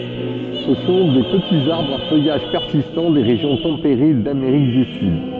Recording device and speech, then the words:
soft in-ear microphone, read sentence
Ce sont des petits arbres à feuillage persistant des régions tempérées d'Amérique du Sud.

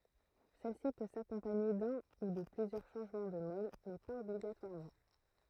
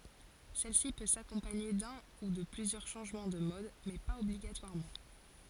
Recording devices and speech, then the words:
throat microphone, forehead accelerometer, read sentence
Celle-ci peut s'accompagner d'un ou de plusieurs changement de mode mais pas obligatoirement.

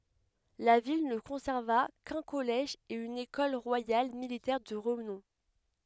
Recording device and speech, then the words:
headset microphone, read sentence
La ville ne conserva qu’un collège et une Ecole royale militaire de renom.

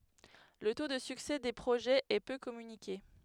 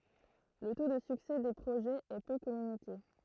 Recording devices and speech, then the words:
headset microphone, throat microphone, read sentence
Le taux de succès des projets est peu communiqué.

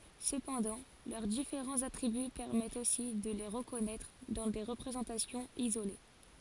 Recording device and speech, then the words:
forehead accelerometer, read sentence
Cependant, leurs différents attributs permettent aussi de les reconnaître dans des représentations isolées.

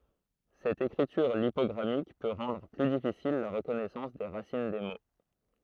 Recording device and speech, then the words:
throat microphone, read sentence
Cette écriture lipogrammique peut rendre plus difficile la reconnaissance des racines des mots.

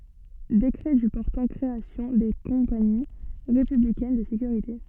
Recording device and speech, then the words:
soft in-ear microphone, read sentence
Décret du portant création des Compagnies républicaines de sécurité.

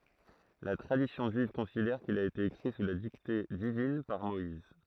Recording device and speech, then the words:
throat microphone, read sentence
La tradition juive considère qu'il a été écrit sous la dictée divine par Moïse.

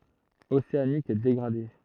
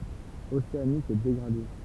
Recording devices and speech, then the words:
throat microphone, temple vibration pickup, read sentence
Océanique dégradé.

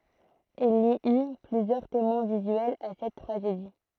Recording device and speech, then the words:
throat microphone, read sentence
Il y eut plusieurs témoins visuels à cette tragédie.

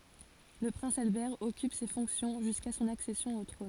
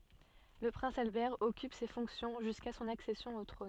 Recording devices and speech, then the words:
forehead accelerometer, soft in-ear microphone, read sentence
Le prince Albert occupe ces fonctions jusqu'à son accession au trône.

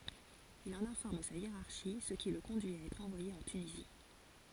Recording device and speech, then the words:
forehead accelerometer, read sentence
Il en informe sa hiérarchie, ce qui le conduit à être envoyé en Tunisie.

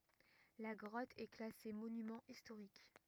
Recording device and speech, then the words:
rigid in-ear microphone, read sentence
La grotte est classée monument historique.

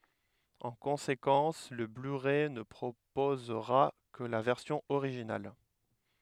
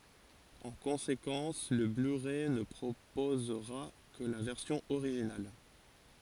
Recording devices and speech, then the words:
headset microphone, forehead accelerometer, read sentence
En conséquence, le blu-ray ne proposera que la version originale.

